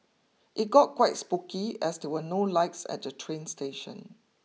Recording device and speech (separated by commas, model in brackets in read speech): mobile phone (iPhone 6), read sentence